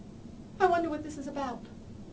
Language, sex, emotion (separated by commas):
English, female, fearful